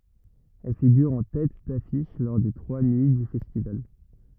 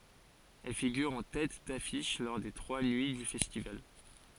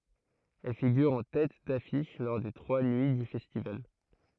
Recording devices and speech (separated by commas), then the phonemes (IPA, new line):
rigid in-ear microphone, forehead accelerometer, throat microphone, read sentence
ɛl fiɡyʁ ɑ̃ tɛt dafiʃ lɔʁ de tʁwa nyi dy fɛstival